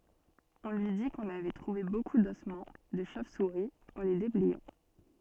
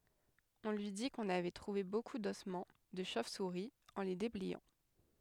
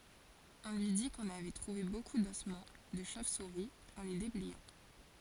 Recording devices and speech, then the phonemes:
soft in-ear microphone, headset microphone, forehead accelerometer, read sentence
ɔ̃ lyi di kɔ̃n avɛ tʁuve boku dɔsmɑ̃ də ʃov suʁi ɑ̃ le deblɛjɑ̃

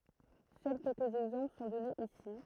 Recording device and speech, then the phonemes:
throat microphone, read sentence
sœl kɛlkəz ɛɡzɑ̃pl sɔ̃ dɔnez isi

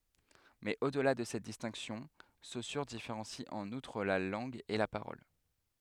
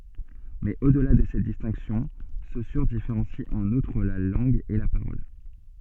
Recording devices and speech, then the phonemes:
headset microphone, soft in-ear microphone, read sentence
mɛz o dəla də sɛt distɛ̃ksjɔ̃ sosyʁ difeʁɑ̃si ɑ̃n utʁ la lɑ̃ɡ e la paʁɔl

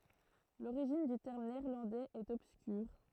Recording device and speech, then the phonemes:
throat microphone, read sentence
loʁiʒin dy tɛʁm neɛʁlɑ̃dɛz ɛt ɔbskyʁ

